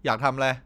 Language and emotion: Thai, frustrated